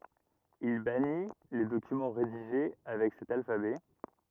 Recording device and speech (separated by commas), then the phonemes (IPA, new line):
rigid in-ear microphone, read sentence
il bani le dokymɑ̃ ʁediʒe avɛk sɛt alfabɛ